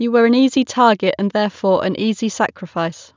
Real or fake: real